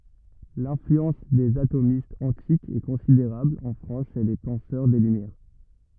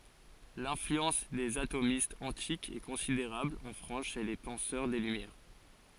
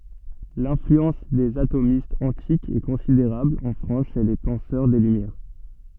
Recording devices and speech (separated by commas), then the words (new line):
rigid in-ear microphone, forehead accelerometer, soft in-ear microphone, read sentence
L'influence des atomistes antiques est considérable en France chez les penseurs des Lumières.